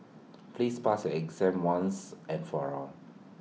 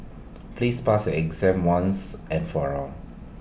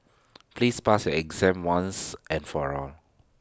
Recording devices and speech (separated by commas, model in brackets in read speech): mobile phone (iPhone 6), boundary microphone (BM630), standing microphone (AKG C214), read sentence